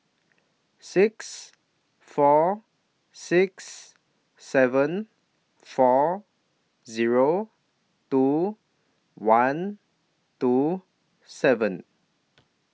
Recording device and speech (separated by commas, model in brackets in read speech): mobile phone (iPhone 6), read sentence